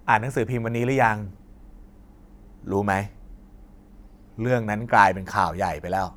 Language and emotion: Thai, frustrated